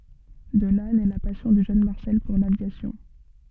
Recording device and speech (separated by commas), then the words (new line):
soft in-ear microphone, read sentence
De là naît la passion du jeune Marcel pour l'aviation.